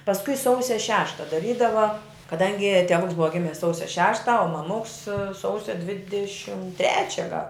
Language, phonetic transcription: Lithuanian, pasˈkui ˈsausia ˈšešta daˈrydava kaˈdangi teˈvuks ˈbuva ˈgimis ˈsausia ˈšešta o maˈmuks ˈsausia ˈdvidešim ˈtrečia gal

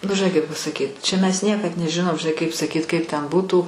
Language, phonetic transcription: Lithuanian, nu žiˈnai kaip pasaˈkyt čia mes ˈniekad neˈžinom žiˈnai kaip saˈkyt ˈkaip ten ˈbūtų

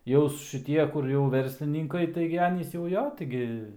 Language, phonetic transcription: Lithuanian, jaus šiˈtie ˈkur jau ˈverslininkai ˈtaigi ˈanys jau ˈjo ˈtaigi

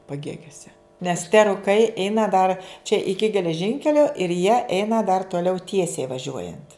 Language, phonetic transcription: Lithuanian, paˈgėgiose nes te ruˈkai ˈeina dar čia ˈiki geleˈžinkelio ir jie ˈeina dar toˈliau ˈtiesiai vaˈžiuojant

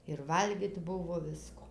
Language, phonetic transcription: Lithuanian, ir valˈgyt ˈbuvo ˈvisko

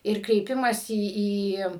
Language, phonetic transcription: Lithuanian, ˈir kreiˈpimąsi ˈį

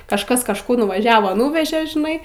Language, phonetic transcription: Lithuanian, kažˈkas kažˈkur nuvaˈžiavo ˈnūvežė žiˈnai

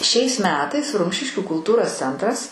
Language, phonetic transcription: Lithuanian, šiais ˈmetais ˈrumšiškių kulˈtūros ˈcentras

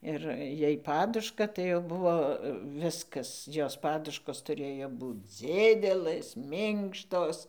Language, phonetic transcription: Lithuanian, ˈir ˈjai ˈpaduška tai jau ˈbuvo ˈviskas ˈjos ˈpaduškos tuˈrėjo ˈbūc ˈdzidelɘs ˈminkštos

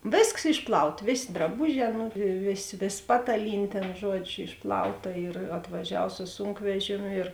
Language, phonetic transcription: Lithuanian, ˈvėsks ˈišpˌlaut ˈvėsė draˈbuˌžē ˈnu ˈvėˌsė ˈvės ˈpataˌlynė ˈtėn ˈžuodžiu ˈišplauˌta ir atvaˈžiav su ˈsūnkvežėmiu ir

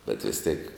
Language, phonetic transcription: Lithuanian, bet ˈvis tėk

